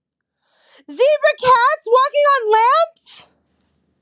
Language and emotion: English, fearful